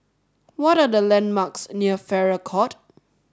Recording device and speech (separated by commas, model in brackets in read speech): standing microphone (AKG C214), read sentence